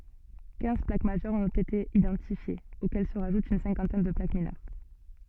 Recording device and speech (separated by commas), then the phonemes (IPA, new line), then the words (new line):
soft in-ear microphone, read sentence
kɛ̃z plak maʒœʁz ɔ̃t ete idɑ̃tifjez okɛl sə ʁaʒut yn sɛ̃kɑ̃tɛn də plak minœʁ
Quinze plaques majeures ont été identifiées, auxquelles se rajoute une cinquantaine de plaques mineures.